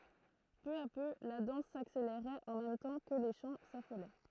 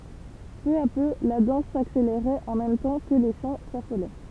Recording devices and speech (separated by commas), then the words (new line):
throat microphone, temple vibration pickup, read sentence
Peu à peu, la danse s'accélérait en même temps que les chants s'affolaient.